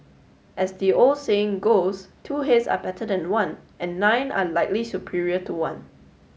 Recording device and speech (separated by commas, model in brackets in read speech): mobile phone (Samsung S8), read sentence